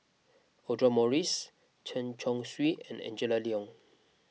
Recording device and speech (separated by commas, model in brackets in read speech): mobile phone (iPhone 6), read sentence